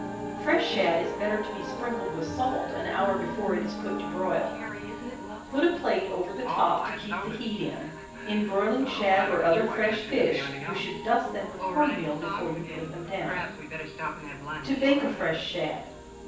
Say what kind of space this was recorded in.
A large room.